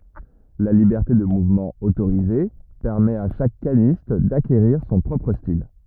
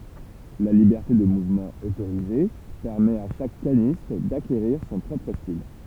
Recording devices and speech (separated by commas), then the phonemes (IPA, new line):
rigid in-ear microphone, temple vibration pickup, read sentence
la libɛʁte də muvmɑ̃ otoʁize pɛʁmɛt a ʃak kanist dakeʁiʁ sɔ̃ pʁɔpʁ stil